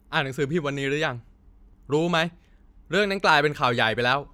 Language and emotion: Thai, angry